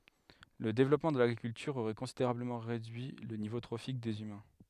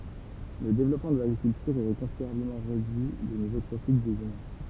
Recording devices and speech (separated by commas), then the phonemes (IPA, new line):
headset microphone, temple vibration pickup, read sentence
lə devlɔpmɑ̃ də laɡʁikyltyʁ oʁɛ kɔ̃sideʁabləmɑ̃ ʁedyi lə nivo tʁofik dez ymɛ̃